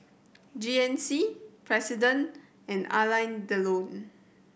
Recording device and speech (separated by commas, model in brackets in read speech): boundary microphone (BM630), read sentence